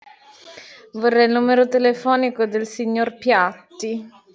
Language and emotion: Italian, disgusted